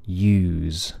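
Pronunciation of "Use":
In 'use', the OO vowel is lengthened because a voiced z sound follows it at the end of the word.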